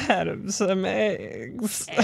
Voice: in a weird voice